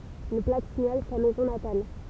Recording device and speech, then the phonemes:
temple vibration pickup, read sentence
yn plak siɲal sa mɛzɔ̃ natal

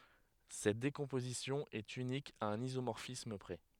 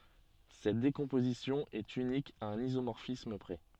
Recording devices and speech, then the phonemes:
headset microphone, soft in-ear microphone, read sentence
sɛt dekɔ̃pozisjɔ̃ ɛt ynik a œ̃n izomɔʁfism pʁɛ

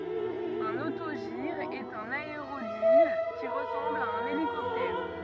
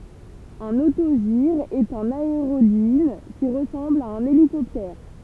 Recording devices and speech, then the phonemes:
rigid in-ear microphone, temple vibration pickup, read sentence
œ̃n otoʒiʁ ɛt œ̃n aeʁodin ki ʁəsɑ̃bl a œ̃n elikɔptɛʁ

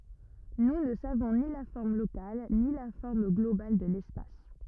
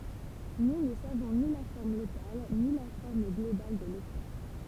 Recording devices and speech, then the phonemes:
rigid in-ear microphone, temple vibration pickup, read sentence
nu nə savɔ̃ ni la fɔʁm lokal ni la fɔʁm ɡlobal də lɛspas

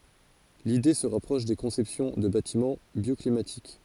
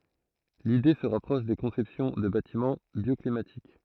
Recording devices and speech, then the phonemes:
forehead accelerometer, throat microphone, read sentence
lide sə ʁapʁɔʃ de kɔ̃sɛpsjɔ̃ də batimɑ̃ bjɔklimatik

